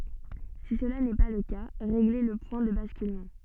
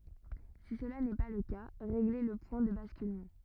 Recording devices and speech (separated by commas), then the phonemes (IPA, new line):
soft in-ear microphone, rigid in-ear microphone, read sentence
si səla nɛ pa lə ka ʁeɡle lə pwɛ̃ də baskylmɑ̃